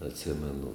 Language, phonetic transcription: Lithuanian, atˈsimenu

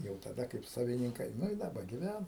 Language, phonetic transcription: Lithuanian, jau taˈda kaip savininˈkai nu i daˈba giˈvæna

